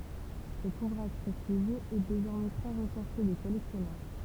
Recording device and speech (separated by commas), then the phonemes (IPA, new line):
temple vibration pickup, read sentence
sɛt uvʁaʒ pʁɛstiʒjøz ɛ dezɔʁmɛ tʁɛ ʁəʃɛʁʃe de kɔlɛksjɔnœʁ